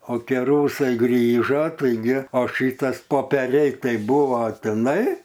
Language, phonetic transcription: Lithuanian, o ˈkė ˈrusai ˈgrįža taiˈgi o ˈšytas popeˈriai ˈtai ˈbuvo tiˈnai

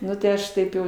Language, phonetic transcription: Lithuanian, ˈnu tai ˈaš ˈtaip jau

